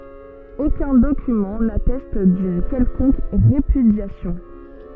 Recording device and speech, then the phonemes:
soft in-ear microphone, read sentence
okœ̃ dokymɑ̃ natɛst dyn kɛlkɔ̃k ʁepydjasjɔ̃

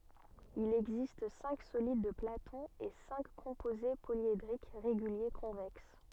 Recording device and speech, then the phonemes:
soft in-ear microphone, read sentence
il ɛɡzist sɛ̃k solid də platɔ̃ e sɛ̃k kɔ̃poze poljedʁik ʁeɡylje kɔ̃vɛks

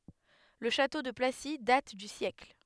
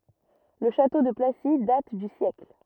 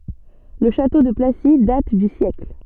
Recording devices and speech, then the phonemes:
headset microphone, rigid in-ear microphone, soft in-ear microphone, read sentence
lə ʃato də plasi dat dy sjɛkl

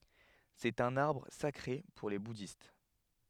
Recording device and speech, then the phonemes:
headset microphone, read sentence
sɛt œ̃n aʁbʁ sakʁe puʁ le budist

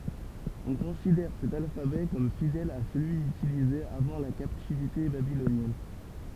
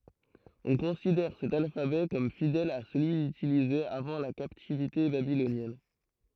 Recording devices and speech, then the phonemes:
temple vibration pickup, throat microphone, read sentence
ɔ̃ kɔ̃sidɛʁ sɛt alfabɛ kɔm fidɛl a səlyi ytilize avɑ̃ la kaptivite babilonjɛn

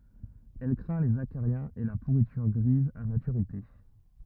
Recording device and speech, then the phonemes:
rigid in-ear microphone, read sentence
ɛl kʁɛ̃ lez akaʁjɛ̃z e la puʁityʁ ɡʁiz a matyʁite

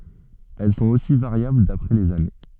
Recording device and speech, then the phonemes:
soft in-ear microphone, read sentence
ɛl sɔ̃t osi vaʁjabl dapʁɛ lez ane

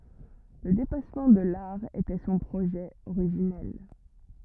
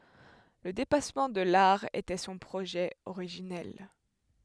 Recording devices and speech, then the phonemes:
rigid in-ear microphone, headset microphone, read sentence
lə depasmɑ̃ də laʁ etɛ sɔ̃ pʁoʒɛ oʁiʒinɛl

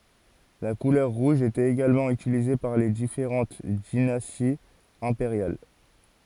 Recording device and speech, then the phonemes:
forehead accelerometer, read sentence
la kulœʁ ʁuʒ etɛt eɡalmɑ̃ ytilize paʁ le difeʁɑ̃t dinastiz ɛ̃peʁjal

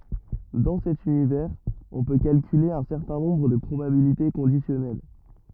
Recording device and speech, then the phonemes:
rigid in-ear microphone, read sentence
dɑ̃ sɛt ynivɛʁz ɔ̃ pø kalkyle œ̃ sɛʁtɛ̃ nɔ̃bʁ də pʁobabilite kɔ̃disjɔnɛl

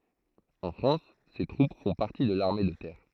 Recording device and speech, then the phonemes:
throat microphone, read sentence
ɑ̃ fʁɑ̃s se tʁup fɔ̃ paʁti də laʁme də tɛʁ

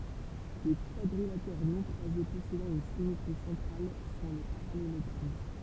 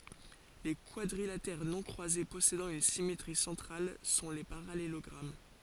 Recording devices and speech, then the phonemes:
temple vibration pickup, forehead accelerometer, read sentence
le kwadʁilatɛʁ nɔ̃ kʁwaze pɔsedɑ̃ yn simetʁi sɑ̃tʁal sɔ̃ le paʁalelɔɡʁam

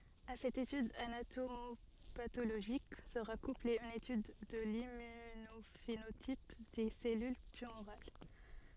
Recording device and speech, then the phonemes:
soft in-ear microphone, read sentence
a sɛt etyd anatomopatoloʒik səʁa kuple yn etyd də limmynofenotip de sɛlyl tymoʁal

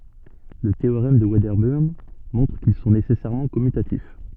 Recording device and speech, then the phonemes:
soft in-ear microphone, read sentence
lə teoʁɛm də vɛdəbəʁn mɔ̃tʁ kil sɔ̃ nesɛsɛʁmɑ̃ kɔmytatif

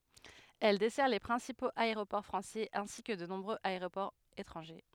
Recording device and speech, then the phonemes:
headset microphone, read sentence
ɛl dɛsɛʁ le pʁɛ̃sipoz aeʁopɔʁ fʁɑ̃sɛz ɛ̃si kə də nɔ̃bʁøz aeʁopɔʁz etʁɑ̃ʒe

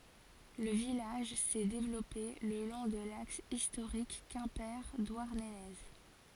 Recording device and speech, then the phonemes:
forehead accelerometer, read sentence
lə vilaʒ sɛ devlɔpe lə lɔ̃ də laks istoʁik kɛ̃pe dwaʁnəne

